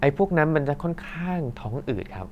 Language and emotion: Thai, neutral